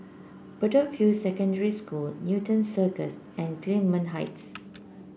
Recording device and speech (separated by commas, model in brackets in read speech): boundary microphone (BM630), read sentence